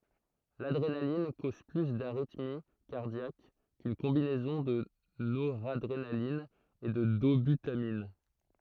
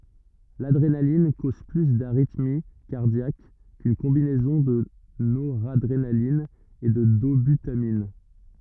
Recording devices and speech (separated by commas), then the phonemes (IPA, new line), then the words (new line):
throat microphone, rigid in-ear microphone, read sentence
ladʁenalin koz ply daʁitmi kaʁdjak kyn kɔ̃binɛzɔ̃ də noʁadʁenalin e də dobytamin
L'adrénaline cause plus d'arythmie cardiaque qu'une combinaison de noradrénaline et de dobutamine.